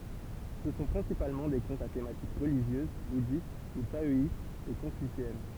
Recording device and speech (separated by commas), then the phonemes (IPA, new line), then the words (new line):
temple vibration pickup, read sentence
sə sɔ̃ pʁɛ̃sipalmɑ̃ de kɔ̃tz a tematik ʁəliʒjøz budist u taɔist e kɔ̃fyseɛn
Ce sont principalement des contes à thématique religieuse, bouddhiste ou taoïste, et confucéenne.